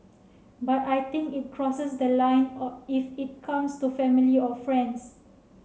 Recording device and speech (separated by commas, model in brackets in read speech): mobile phone (Samsung C7), read sentence